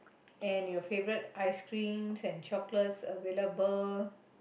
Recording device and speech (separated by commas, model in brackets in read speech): boundary microphone, conversation in the same room